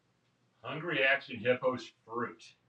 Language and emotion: English, angry